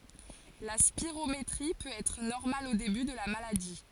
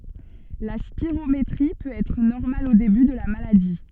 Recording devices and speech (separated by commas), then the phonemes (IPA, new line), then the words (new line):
forehead accelerometer, soft in-ear microphone, read sentence
la spiʁometʁi pøt ɛtʁ nɔʁmal o deby də la maladi
La spirométrie peut être normale au début de la maladie.